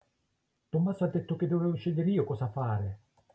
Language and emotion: Italian, neutral